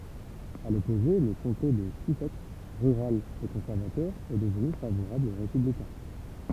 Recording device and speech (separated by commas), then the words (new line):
temple vibration pickup, read sentence
À l'opposé, le comté de Sussex, rural et conservateur, est devenu favorable aux républicains.